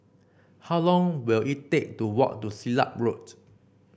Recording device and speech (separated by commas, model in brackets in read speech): boundary microphone (BM630), read sentence